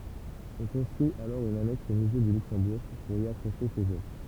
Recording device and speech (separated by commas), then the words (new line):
temple vibration pickup, read sentence
On construit alors une annexe au musée du Luxembourg pour y accrocher ces œuvres.